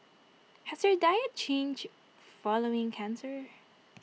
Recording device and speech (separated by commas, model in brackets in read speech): mobile phone (iPhone 6), read sentence